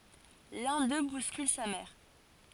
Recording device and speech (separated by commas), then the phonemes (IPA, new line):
forehead accelerometer, read sentence
lœ̃ dø buskyl sa mɛʁ